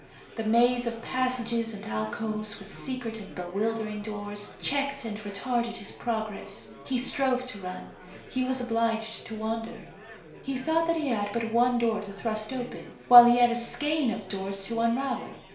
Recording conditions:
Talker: one person; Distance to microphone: 1.0 m; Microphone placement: close; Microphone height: 1.1 m; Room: small (3.7 m by 2.7 m); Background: babble

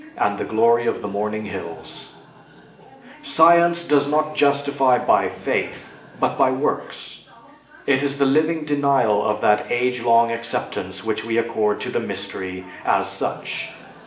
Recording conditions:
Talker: one person; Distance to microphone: 1.8 m; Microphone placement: close; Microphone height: 1.0 m; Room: large; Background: television

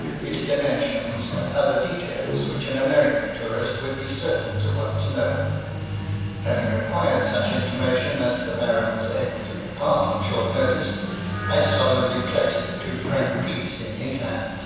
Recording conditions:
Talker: one person; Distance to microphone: 7.1 m; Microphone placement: far; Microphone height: 1.7 m; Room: very reverberant, large; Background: television

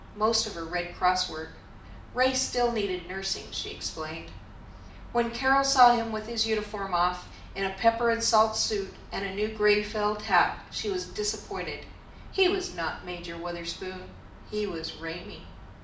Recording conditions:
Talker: one person; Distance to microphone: 2.0 m; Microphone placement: close; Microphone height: 99 cm; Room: medium-sized (5.7 m by 4.0 m); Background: none

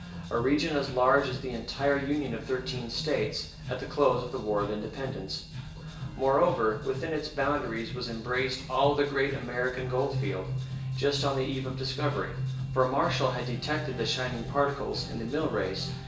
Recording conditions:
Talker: one person; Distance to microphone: 1.8 m; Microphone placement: close; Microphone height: 1.0 m; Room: large; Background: music

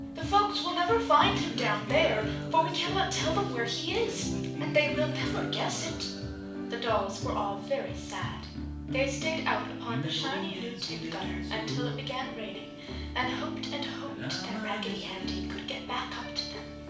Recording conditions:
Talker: one person; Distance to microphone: 5.8 m; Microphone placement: far; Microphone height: 1.8 m; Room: medium-sized (5.7 m by 4.0 m); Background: music

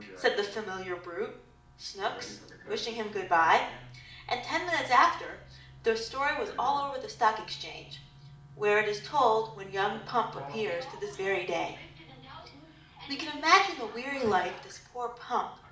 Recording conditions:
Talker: one person; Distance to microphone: 2.0 m; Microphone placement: close; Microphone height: 99 cm; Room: medium-sized (5.7 m by 4.0 m); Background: television

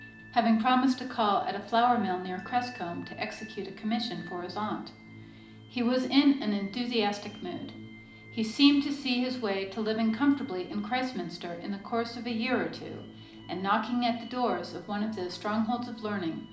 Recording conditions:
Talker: one person; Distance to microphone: 2.0 m; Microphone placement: close; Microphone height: 99 cm; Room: medium-sized (5.7 m by 4.0 m); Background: music

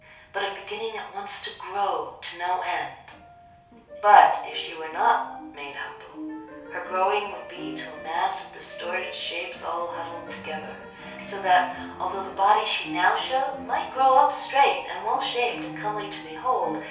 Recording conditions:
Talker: one person; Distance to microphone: 3.0 m; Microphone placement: far; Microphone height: 1.8 m; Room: small (3.7 m by 2.7 m); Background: music

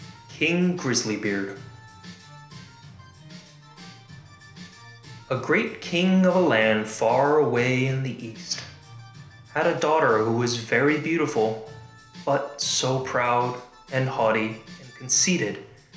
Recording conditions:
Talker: one person; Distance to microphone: 1.0 m; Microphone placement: close; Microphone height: 1.1 m; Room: small (3.7 m by 2.7 m); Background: music

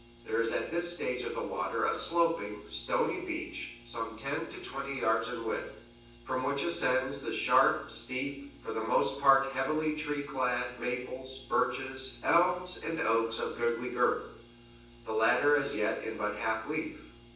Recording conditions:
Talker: one person; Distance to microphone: 9.8 m; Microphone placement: far; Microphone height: 1.8 m; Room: large; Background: none

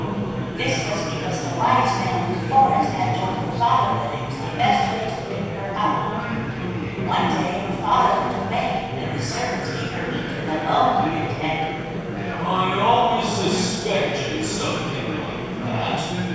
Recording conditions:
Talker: one person; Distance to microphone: 7.1 m; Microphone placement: far; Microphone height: 1.7 m; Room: very reverberant, large; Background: babble

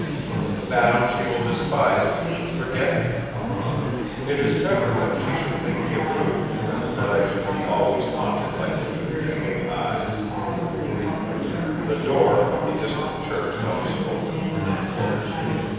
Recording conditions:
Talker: one person; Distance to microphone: 7.1 m; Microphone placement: far; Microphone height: 1.7 m; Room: very reverberant, large; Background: babble

